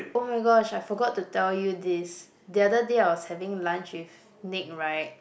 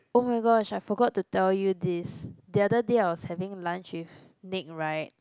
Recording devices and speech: boundary microphone, close-talking microphone, conversation in the same room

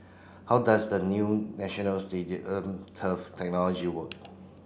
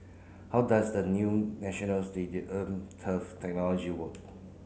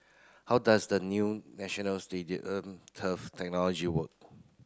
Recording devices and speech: boundary microphone (BM630), mobile phone (Samsung C9), close-talking microphone (WH30), read sentence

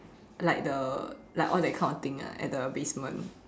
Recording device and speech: standing microphone, conversation in separate rooms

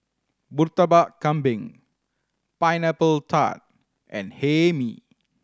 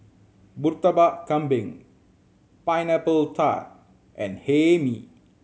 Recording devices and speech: standing microphone (AKG C214), mobile phone (Samsung C7100), read sentence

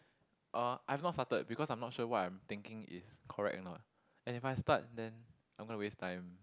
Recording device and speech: close-talking microphone, conversation in the same room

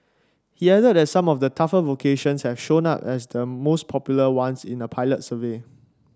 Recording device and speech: standing microphone (AKG C214), read sentence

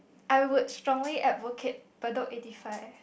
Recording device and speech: boundary microphone, conversation in the same room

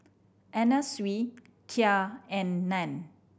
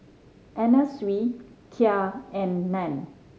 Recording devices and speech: boundary microphone (BM630), mobile phone (Samsung C5010), read sentence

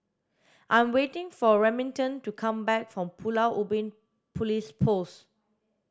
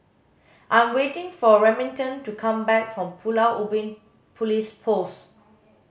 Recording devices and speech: standing microphone (AKG C214), mobile phone (Samsung S8), read sentence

